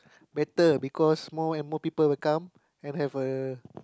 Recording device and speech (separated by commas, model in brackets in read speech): close-talking microphone, conversation in the same room